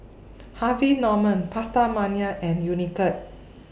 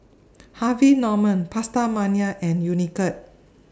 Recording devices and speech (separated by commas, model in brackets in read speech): boundary microphone (BM630), standing microphone (AKG C214), read sentence